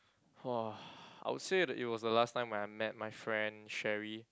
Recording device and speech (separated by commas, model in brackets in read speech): close-talking microphone, conversation in the same room